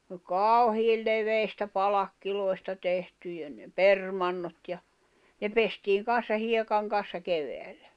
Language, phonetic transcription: Finnish, ⁿ˘ᵒˡ "kaau̬hiil 'leveistä 'palakkiloi̬sta tehtyjä nᵉ "permannot ja , 'ne 'pestiiŋ kan̬ssa 'hiekaŋ kan̬ssa 'keveällä .
- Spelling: ne oli kauhean leveistä palkeista tehtyjä ne permannot ja ne pestiin kanssa hiekan kanssa kevyellä

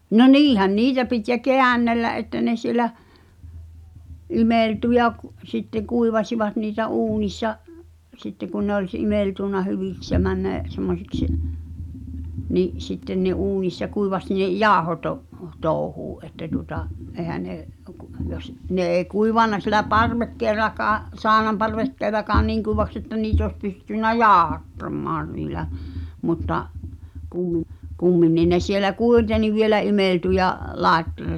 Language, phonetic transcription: Finnish, no "niihän 'niitä pit ja "keännellä’ ’että ne siĕlä , 'imèltu ja k- , sitteᵑ 'kuivasivat niitä "uunissa , 'sitte kun ne ‿oĺ s- '’imèltùnna 'hyviks ja männä̭ , semmosiks , ni’ , sitten nᵉ̭ 'uunissa 'kuivaś ne , "jaaᵒhoto’- , -'tooᵘhuu’ ’että tuota’ , '’èhä ne , kᵁ , Jᴏs , ne ’ee 'kuivànna siĕlä "parvekkee(r̆r)akaa’ , "saaᵒnamparvekkeelakaan 'niiŋ kùivaks ‿että 'niit ‿oos pystynnä "jaaᵒhattammaan niilä , mutta , 'kumminnìn ne sielä "kùiteni vielä 'imèltu ja , laet(- -) ,.
- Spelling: no niinhän niitä piti ja käännellä että ne siellä imeltyi ja - sitten kuivasivat niitä uunissa sitten kun ne oli - imeltynyt hyviksi ja mennyt semmoisiksi niin sitten ne uunissa kuivasi ne - jauhotouhua että tuota eihän ne kun jos ne ei kuivanut siellä parvekkeellakaan saunanparvekkeellakaan niin kuivaksi että niitä olisi pystynyt jauhattamaan niillä mutta kumminkin ne siellä kuitenkin vielä imeltyi ja -

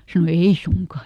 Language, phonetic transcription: Finnish, ˈsano » ˈei "suŋka ? »
- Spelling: sanoi ei suinkaan

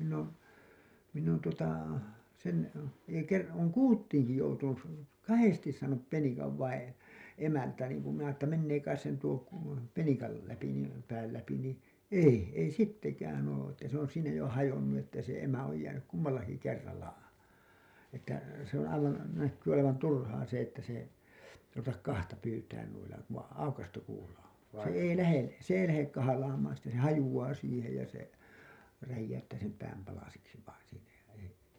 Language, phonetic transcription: Finnish, minn ‿oon , minn ‿on tuota , sen , ei ker- , ooŋ "kuuttiiŋki joutunus§ , "kahestis saanup 'penikav vain , e- , 'emältään niiŋkum minä ‿ttä mennee kais sen tuo ku[ula] 'penikal läpi , niim , pääl läpi nii "ei , ei 'sittekään oo , että se ‿on 'siinä jo hajonnu että se emä oj jäänyk 'kummallaki 'kerralla , että , se ‿oo̰ aivan , näkkyy olevan 'turhaa se ‿että se , ruvetak 'kahta pyytään nuilla , ku vaiḭ 'aukastu kuula on̬ , 'se 'ei 'lähe , 's ‿ei lähek kahalaamaan̬ sitte (kun) se 'hajuWaa 'siihej ja se , 'räjjäyttää sem pääm palasiksi vain siinä ja ei ,.
- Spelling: minä olen minä on tuota sen ei - olen kuutinkin joutunut kahdesti saanut penikan vain - emältään niin kuin minä että menee kai sen tuo kuula penikan läpi niin pään läpi niin ei ei sittenkään ole että se on siinä jo hajonnut että se emä on jäänyt kummallakin kerralla että se on aivan näkyy olevan turhaa se että se ruveta kahta pyytämään noilla kun vain aukaistu kuula on se ei lähde se ei lähde kahlaamaan sitten kun se hajoaa siihen ja se räjäyttää sen pään palasiksi vain siinä ja ei

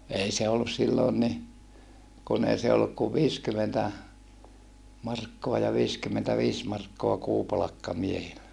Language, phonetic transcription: Finnish, ei se ollus silloon ni , kun ‿ei se olluk kuv viiskymentä , markkoa ja viiskymmentäviis markkoa kuupalakka miehillä .
- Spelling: ei se ollut silloin niin kun ei se ollut kuin viisikymmentä markkaa ja viisikymmentäviisi markkaa kuupalkka miehillä

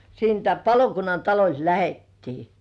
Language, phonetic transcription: Finnish, siintä 'palokunnan taloĺt "lähettii .
- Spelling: siitä palokunnan talolta lähdettiin

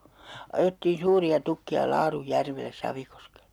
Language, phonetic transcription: Finnish, 'ajettiin̬ "suuri₍a 'tukki₍a 'Laaruj'järvel̆les 'SavikoskelE .
- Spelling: ajettiin suuria tukkeja Laarunjärvelle Savikoskelle

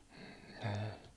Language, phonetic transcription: Finnish, nəə .
- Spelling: ne

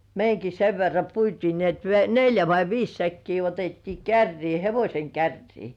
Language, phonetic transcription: Finnish, meiŋki sev verra puitii ni ‿et n- 'neljä vai "viis 'säkkii otettii 'kärrii "hevośeŋ 'kärrii .
- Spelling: meidänkin sen verran puitiin niin että - neljä vai viisi säkkiä otettiin kärryyn hevosen kärryyn

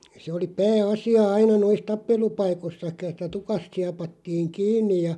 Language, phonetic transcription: Finnish, se oli "pää₍'asia 'aina 'nois "tappelu'paikossaki (et)tä 'tukast 'siapattiiŋ "kiinniʲ ja ,.
- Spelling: se oli pääasia aina noissa tappelupaikoissakin että tukasta siepattiin kiinni ja

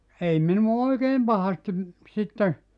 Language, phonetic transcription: Finnish, 'ei minu₍a "oikeem 'pahastim , 'sitte ,.
- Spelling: ei minua oikein pahasti sitten

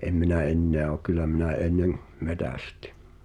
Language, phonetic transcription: Finnish, 'em minä 'enneä o kyl̆lä minä 'ennem , "metästɪ .
- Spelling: en minä enää ole kyllä minä ennen metsästin

